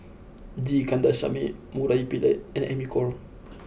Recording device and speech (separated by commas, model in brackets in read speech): boundary microphone (BM630), read sentence